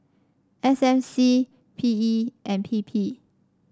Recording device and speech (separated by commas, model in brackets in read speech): standing microphone (AKG C214), read sentence